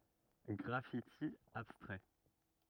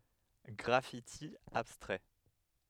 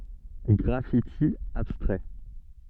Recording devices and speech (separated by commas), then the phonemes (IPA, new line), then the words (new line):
rigid in-ear microphone, headset microphone, soft in-ear microphone, read sentence
ɡʁafiti abstʁɛ
Graffiti abstrait.